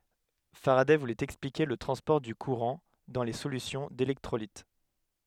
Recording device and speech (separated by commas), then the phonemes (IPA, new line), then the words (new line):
headset microphone, read sentence
faʁadɛ vulɛt ɛksplike lə tʁɑ̃spɔʁ dy kuʁɑ̃ dɑ̃ le solysjɔ̃ delɛktʁolit
Faraday voulait expliquer le transport du courant dans les solutions d'électrolytes.